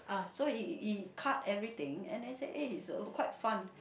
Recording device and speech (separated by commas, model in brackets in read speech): boundary microphone, conversation in the same room